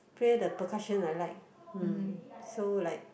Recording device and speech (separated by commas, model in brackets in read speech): boundary microphone, conversation in the same room